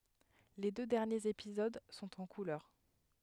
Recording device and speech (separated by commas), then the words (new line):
headset microphone, read sentence
Les deux derniers épisodes sont en couleur.